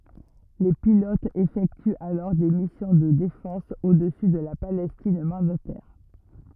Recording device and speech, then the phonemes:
rigid in-ear microphone, read sentence
le pilotz efɛktyt alɔʁ de misjɔ̃ də defɑ̃s odəsy də la palɛstin mɑ̃datɛʁ

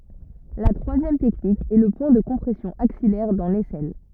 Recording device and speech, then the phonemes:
rigid in-ear microphone, read sentence
la tʁwazjɛm tɛknik ɛ lə pwɛ̃ də kɔ̃pʁɛsjɔ̃ aksijɛʁ dɑ̃ lɛsɛl

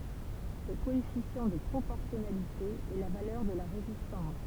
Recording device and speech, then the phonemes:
temple vibration pickup, read sentence
sə koɛfisjɑ̃ də pʁopɔʁsjɔnalite ɛ la valœʁ də la ʁezistɑ̃s

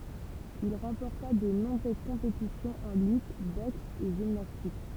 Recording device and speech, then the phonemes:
temple vibration pickup, read sentence
il ʁɑ̃pɔʁta də nɔ̃bʁøz kɔ̃petisjɔ̃z ɑ̃ lyt bɔks e ʒimnastik

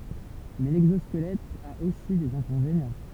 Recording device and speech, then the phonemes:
temple vibration pickup, read sentence
mɛ lɛɡzɔskəlɛt a osi dez ɛ̃kɔ̃venjɑ̃

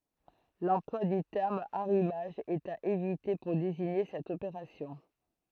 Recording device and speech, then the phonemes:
throat microphone, read sentence
lɑ̃plwa dy tɛʁm aʁimaʒ ɛt a evite puʁ deziɲe sɛt opeʁasjɔ̃

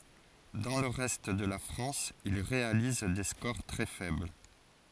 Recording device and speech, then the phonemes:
forehead accelerometer, read sentence
dɑ̃ lə ʁɛst də la fʁɑ̃s il ʁealiz de skoʁ tʁɛ fɛbl

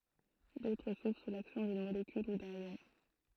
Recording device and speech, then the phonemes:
throat microphone, read sentence
dotʁ suvʁ su laksjɔ̃ dyn molekyl u dœ̃n jɔ̃

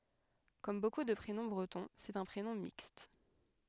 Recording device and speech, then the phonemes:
headset microphone, read sentence
kɔm boku də pʁenɔ̃ bʁətɔ̃ sɛt œ̃ pʁenɔ̃ mikst

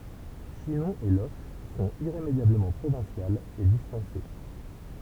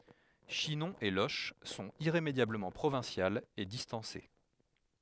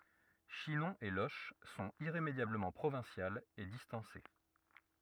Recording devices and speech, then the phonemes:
temple vibration pickup, headset microphone, rigid in-ear microphone, read sentence
ʃinɔ̃ e loʃ sɔ̃t iʁemedjabləmɑ̃ pʁovɛ̃sjalz e distɑ̃se

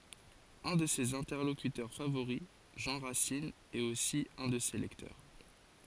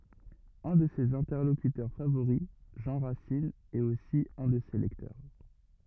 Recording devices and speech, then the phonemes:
forehead accelerometer, rigid in-ear microphone, read sentence
œ̃ də sez ɛ̃tɛʁlokytœʁ favoʁi ʒɑ̃ ʁasin ɛt osi œ̃ də se lɛktœʁ

